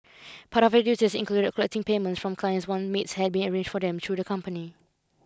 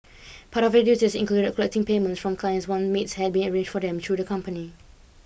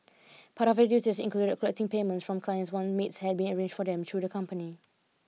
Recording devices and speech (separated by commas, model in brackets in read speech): close-talking microphone (WH20), boundary microphone (BM630), mobile phone (iPhone 6), read sentence